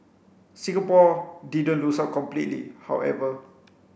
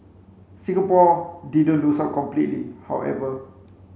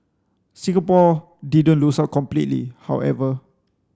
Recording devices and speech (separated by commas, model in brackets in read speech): boundary microphone (BM630), mobile phone (Samsung C5), standing microphone (AKG C214), read sentence